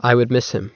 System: none